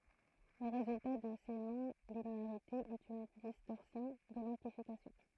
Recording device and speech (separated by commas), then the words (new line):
throat microphone, read sentence
Le résultat de ces non-linéarités est une distorsion de l'amplification.